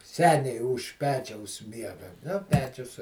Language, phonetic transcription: Lithuanian, ˈseniai už ˈpečiaus ˈmiega nu ˈpečius

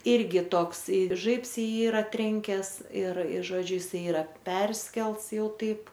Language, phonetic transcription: Lithuanian, ˈirgi ˈtoks i ˈžaibs i ˈjį ˈyra ˈtrenkes ir ir ˈžodžiu jiˈsai ˈyra ˈperskelts ˈjau ˈtaip

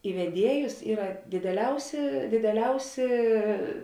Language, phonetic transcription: Lithuanian, i veˈdiejus ˈyra dideˈliausi dideˈliausi

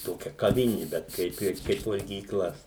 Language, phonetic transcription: Lithuanian, ˈtokia kaˈvini bet ˈkaip ir ˈkaip valgyˈkla

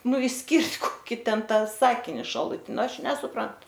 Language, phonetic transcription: Lithuanian, ˈnu išˈskirt' koˈkį ten ˈtą ˈsakini šaluˈtin ˈnu ˈaš nesuˈprant

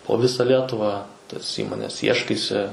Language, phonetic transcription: Lithuanian, po ˈvisa ˈlietuva tas ˈįmones ˈieškaisi

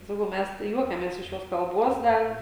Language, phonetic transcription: Lithuanian, saˈkau ˈmæs tai ˈjuokiamės iš ˈjos kalˈbos ˈdar

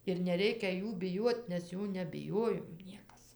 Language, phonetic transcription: Lithuanian, ir neˈreikia ˈjų biˈjuot nes ˈjų nebiˈjojom ˈniekas

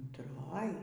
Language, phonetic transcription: Lithuanian, untˈroj

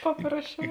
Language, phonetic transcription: Lithuanian, ˈpaprasˌčiau

